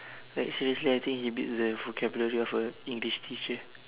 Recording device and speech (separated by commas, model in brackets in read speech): telephone, conversation in separate rooms